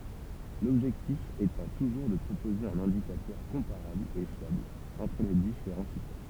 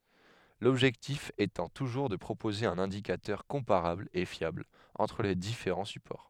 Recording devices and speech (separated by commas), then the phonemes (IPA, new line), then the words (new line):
temple vibration pickup, headset microphone, read sentence
lɔbʒɛktif etɑ̃ tuʒuʁ də pʁopoze œ̃n ɛ̃dikatœʁ kɔ̃paʁabl e fjabl ɑ̃tʁ le difeʁɑ̃ sypɔʁ
L'objectif étant toujours de proposer un indicateur comparable et fiable entre les différents supports.